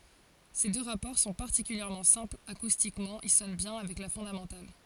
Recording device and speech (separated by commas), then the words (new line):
forehead accelerometer, read sentence
Ces deux rapports sont particulièrement simples, acoustiquement ils sonnent bien avec la fondamentale.